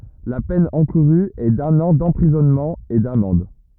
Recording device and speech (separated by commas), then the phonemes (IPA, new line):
rigid in-ear microphone, read sentence
la pɛn ɑ̃kuʁy ɛ dœ̃n ɑ̃ dɑ̃pʁizɔnmɑ̃ e damɑ̃d